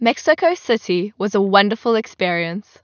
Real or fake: real